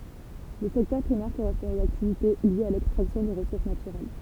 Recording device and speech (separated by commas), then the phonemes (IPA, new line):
temple vibration pickup, read sentence
lə sɛktœʁ pʁimɛʁ koʁɛspɔ̃ oz aktivite ljez a lɛkstʁaksjɔ̃ de ʁəsuʁs natyʁɛl